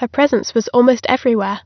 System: none